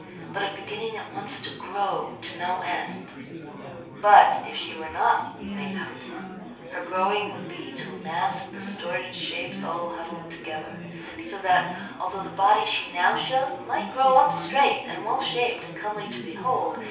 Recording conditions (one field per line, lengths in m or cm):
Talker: one person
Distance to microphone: 3.0 m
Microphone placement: far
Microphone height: 1.8 m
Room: small (3.7 m by 2.7 m)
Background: babble